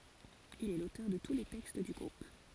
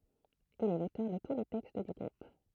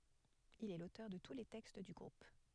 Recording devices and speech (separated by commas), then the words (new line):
forehead accelerometer, throat microphone, headset microphone, read sentence
Il est l'auteur de tous les textes du groupe.